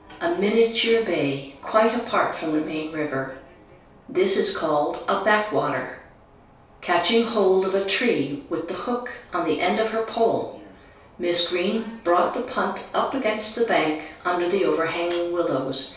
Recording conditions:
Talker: one person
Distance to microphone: 3.0 m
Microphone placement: far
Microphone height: 1.8 m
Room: small (3.7 m by 2.7 m)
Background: television

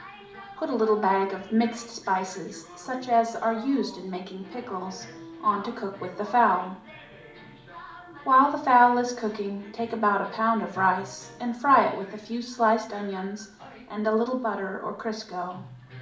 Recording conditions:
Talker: one person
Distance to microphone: 2.0 m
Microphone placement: close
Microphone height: 99 cm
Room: medium-sized (5.7 m by 4.0 m)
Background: television

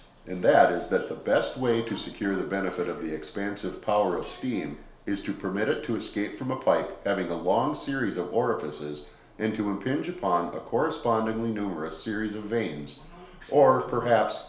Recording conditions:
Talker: one person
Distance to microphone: 1.0 m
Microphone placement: close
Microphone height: 1.1 m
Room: small (3.7 m by 2.7 m)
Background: television

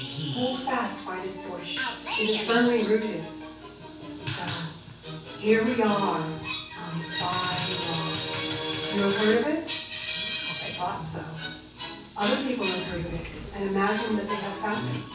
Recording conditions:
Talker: one person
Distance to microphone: 9.8 m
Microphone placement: far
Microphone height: 1.8 m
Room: large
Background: television

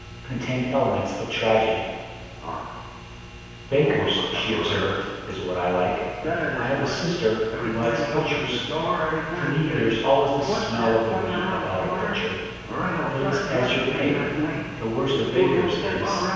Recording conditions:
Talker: one person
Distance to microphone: 7.1 m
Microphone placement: far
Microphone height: 1.7 m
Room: very reverberant, large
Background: television

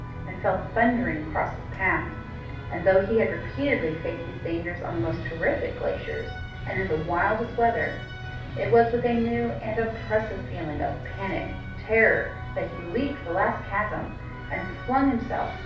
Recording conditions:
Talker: one person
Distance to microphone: 5.8 m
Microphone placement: far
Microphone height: 1.8 m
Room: medium-sized (5.7 m by 4.0 m)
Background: music

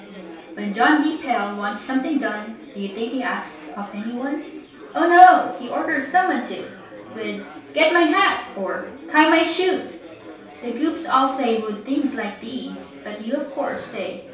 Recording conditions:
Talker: one person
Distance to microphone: 3.0 m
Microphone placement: far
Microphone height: 1.8 m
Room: small (3.7 m by 2.7 m)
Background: babble

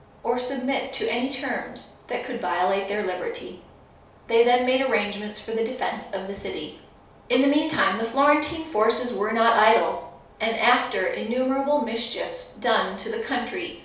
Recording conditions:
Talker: one person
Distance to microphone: 3.0 m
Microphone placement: far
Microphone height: 1.8 m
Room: small (3.7 m by 2.7 m)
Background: none

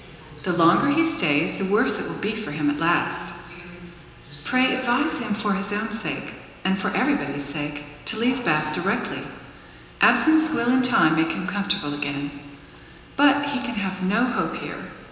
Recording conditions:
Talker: one person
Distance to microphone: 1.7 m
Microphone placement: close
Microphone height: 1.0 m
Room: very reverberant, large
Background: television

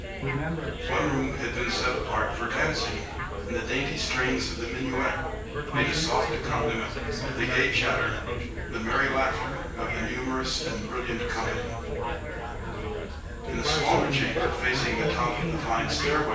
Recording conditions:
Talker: one person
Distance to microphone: 9.8 m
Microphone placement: far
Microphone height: 1.8 m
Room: large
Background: babble

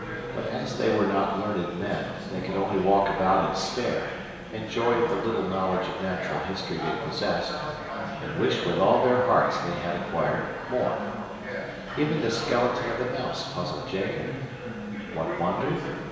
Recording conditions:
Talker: one person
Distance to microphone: 1.7 m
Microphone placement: close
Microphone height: 1.0 m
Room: very reverberant, large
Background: babble

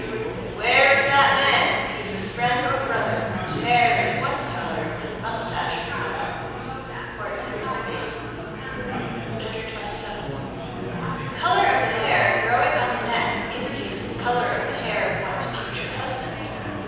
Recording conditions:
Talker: one person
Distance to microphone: 7.1 m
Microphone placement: far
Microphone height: 1.7 m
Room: very reverberant, large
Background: babble

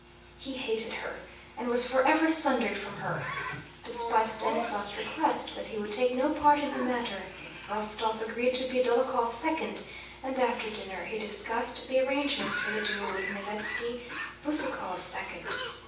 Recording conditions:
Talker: one person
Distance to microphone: 9.8 m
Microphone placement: far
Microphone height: 1.8 m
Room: large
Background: television

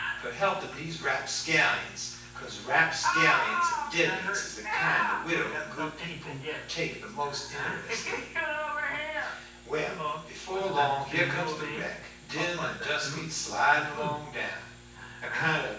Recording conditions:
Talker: one person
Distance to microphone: 9.8 m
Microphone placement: far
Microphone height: 1.8 m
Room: large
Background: television

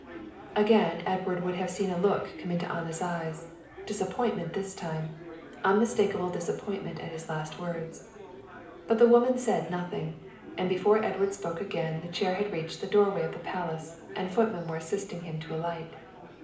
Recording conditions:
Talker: one person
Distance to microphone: 2.0 m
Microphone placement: close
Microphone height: 99 cm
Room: medium-sized (5.7 m by 4.0 m)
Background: babble

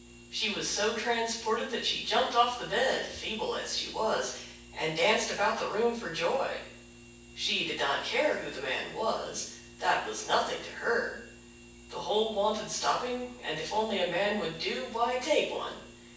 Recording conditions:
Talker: one person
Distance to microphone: 9.8 m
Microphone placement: far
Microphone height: 1.8 m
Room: large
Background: none

